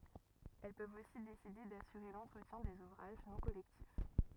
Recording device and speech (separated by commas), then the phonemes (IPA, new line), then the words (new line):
rigid in-ear microphone, read sentence
ɛl pøvt osi deside dasyʁe lɑ̃tʁətjɛ̃ dez uvʁaʒ nɔ̃ kɔlɛktif
Elles peuvent aussi décider d'assurer l’entretien des ouvrages non collectifs.